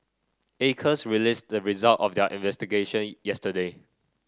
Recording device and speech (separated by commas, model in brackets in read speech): standing microphone (AKG C214), read sentence